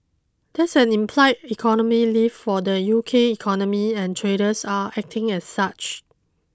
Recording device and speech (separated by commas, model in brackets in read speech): close-talking microphone (WH20), read sentence